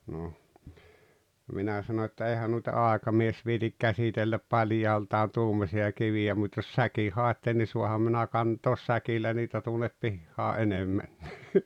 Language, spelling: Finnish, no minä sanoin että eihän noita aikamies viitsi käsitellä paljaaltaan tuommoisia kiviä mutta jos säkin haette niin saanhan minä kantaa säkillä niitä tuonne pihaan enemmänkin
- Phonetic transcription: noh , 'minä sano ‿että » 'eihä nuita "àekamies viitik 'käsitelläp 'paljaaltaan̬ "tuummosi₍a 'kivi₍ä mut́ jos "säki 'hàetten ni 'suaham minä 'kant̀oos 'säkillä niitä tuonep 'pihhaa "’enemmännii « .

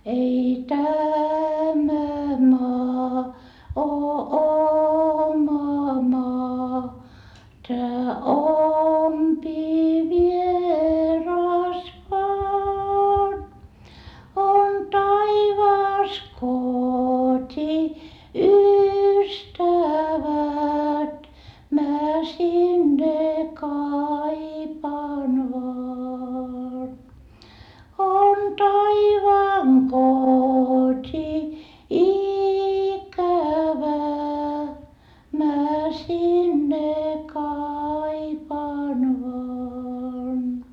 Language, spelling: Finnish, ei tämä maa ole oma maa tämä ompi vieras vain on taivaassa koti ystävät minä sinne kaipaan vain on taivaan koti-ikävä minä sinne kaipaan vain
- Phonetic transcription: ei tämä maa oo oma maa tää ompi vieras vaan , on taivaas kot́i ystävät mä sinne kaipaan vaan , on taivaaŋ kot́i₍ikävä mä sinne kaipaan vaan .

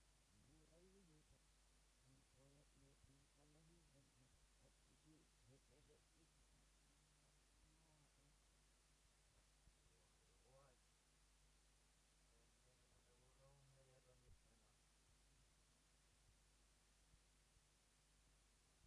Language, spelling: Finnish, olen semmoisia arkisia käsitöitä niin kuin villatöistä niin ja kaikenlaista niitä on tehty
- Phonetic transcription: 'oon , semmosija , arkisiʲa käsitöitä niiŋku villatöistä ni , ja 'kaikellaista , niitä on tehty .

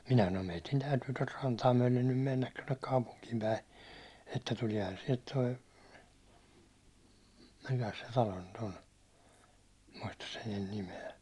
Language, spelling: Finnish, minä sanoin meidän täytyy tuota rantaa myöten nyt mennä tuonne kaupunkiin päin että tuleehan sieltä tuo mikäs se talo nyt on muista sen nyt nimeä
- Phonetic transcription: 'minä sanom » meitin 'täytyy tot 'rantaa myäₒlen nym 'mennät tonnek 'kaupuŋkiimpäi , että 'tulia̭han siɛlt toi « , 'mikäs se talo nyt ‿on , 'muistas sen nyn 'nime₍ä .

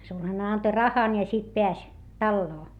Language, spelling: Finnish, sulhanen antoi rahan ja sitten pääsi taloon
- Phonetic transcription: sulhane anto rahan ja sit peäs , talloo .

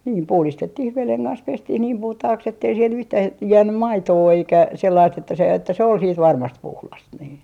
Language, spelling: Finnish, niin puhdistettiin veden kanssa pestiin niin puhtaaksi että ei siellä yhtään - jäänyt maitoa eikä sellaista että se että se oli sitten varmasti puhdas niin
- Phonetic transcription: nii "puhlistettih 'veleŋ kans "pestih niim 'puhtahaks ettei siel yhtää ‿j- , 'jäännym "maitoo eikä sellaist että se että se ol siit 'varmast 'puhlas nii .

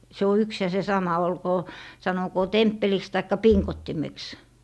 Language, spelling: Finnish, se on yksi ja se sama olkoon sanokoon temppeliksi tai pingottimeksi
- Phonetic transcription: 'se o 'yks ja se 'sama , 'olkoo , 'sanokoo "temppeliks taikka "piŋkottimeks .

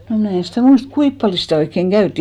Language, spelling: Finnish, no minä en sitä muista kuinka paljon sitä oikein käytiin
- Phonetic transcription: nò mnä̀ en̬ stä̀ 'muist , "kuip paljo sitä̀ oikkeŋ 'ɢäyttì .

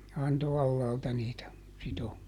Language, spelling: Finnish, antoi alhaalta niitä -
- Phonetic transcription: ˈanto "allaalta niitä , ˈsitom- .

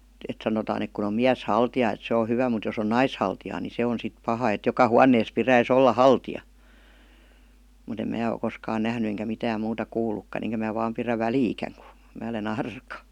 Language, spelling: Finnish, että sanotaan että kun on mieshaltija että se on hyvä mutta jos on naishaltija niin se on sitten paha että joka huoneessa pitäisi olla haltija mutta en minä ole koskaan nähnyt enkä mitään muuta kuullutkaan enkä minä vain pidä väliäkään kun minä olen arka
- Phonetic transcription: et 'sanotaan ‿ek kun ‿om 'miäs'haltijà et 'se o 'hyvä mut jos ‿on 'naishaltijaa ni "se on 'sit 'paha et 'joka "huannees 'piräis ‿olla "haltija , mut ‿em 'mää o 'koskaan "nähny eŋkä 'mitääm muuta "kuul̀ukkan eŋkä mää vaam pirä "väliikäŋ kU , mää ole"n‿ arka .

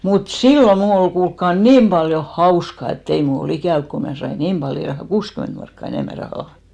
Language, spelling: Finnish, mutta silloin minun oli kuulkaa niin paljon hauska että ei minulla ollut ikävä kun minä sain niin paljon ihan kuusikymmentä markkaa enemmän rahaa
- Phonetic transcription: mut "sillo 'mnù ol 'kuulkka "niim paljo "hauska et't ‿ei mul ‿o"l ‿ikä̀v ko 'mnä̀ sai "niim paljo , ihaŋ 'kuuskyment markka 'enèmä 'rahà .

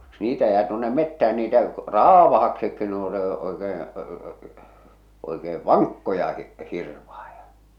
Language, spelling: Finnish, niitä jää tuonne metsään niitä raavaaksikin ne on ne oikein oikea vankkoja - hirvaita
- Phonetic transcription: 'niitä jää tuonne 'mettä₍än niitä , "râvahaksikki ne ‿o ne , oekeeḛ , oikee "vaŋkkoja hi- , 'hirvahᴀᴊᴀ .

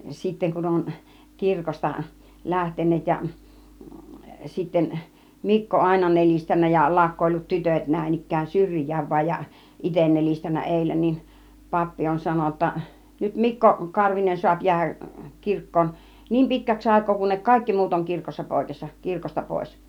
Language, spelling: Finnish, sitten kun on kirkosta lähteneet ja sitten Mikko aina nelistänyt ja laukkoillut tytöt näin ikään syrjään vain ja itse nelistänyt edellä niin pappi on sanonut jotta nyt Mikko Karvinen saa jäädä kirkkoon niin pitkäksi aikaa kunne kaikki muut on kirkossa poissa kirkosta pois
- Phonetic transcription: 'sitteŋ kun oŋ 'kirkosta , "lähten̆neet ja , sitten , "Mikko 'àina 'nel͕istännä ja 'là(u)kkoillut "tytöt näin ik̆kään "syŕj̆jääv vaij ja , "iten 'nel͕istännä 'ˀèillä nin , 'pappi on 'sanon̆na (j)otta , 'nyt "Mikko , "Karvinen suap jiähäk , 'kirkkoon , "niim 'pitkäks 'àik̆koo kunnek "kàikki 'muut oŋ 'kirkossa 'pòikessa , 'kirkosta 'pòis .

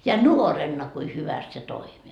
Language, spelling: Finnish, ja nuorena kuinka hyvästi se toimi
- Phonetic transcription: ja "nuorenna kui 'hyväst se "toimi .

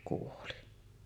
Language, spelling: Finnish, kuoli
- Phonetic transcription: kuoli .

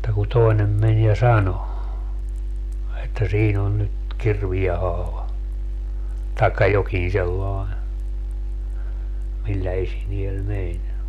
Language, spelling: Finnish, mutta kun toinen meni ja sanoi että siinä on nyt kirveen haava tai jokin sellainen millä esineellä meni
- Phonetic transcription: (mut)ta ku "toinem men ja "sano , että 'siin ‿on nyt , 'kirvie 'haava , taekka 'jokiḭ sellae , 'millä 'esiniel "meń .

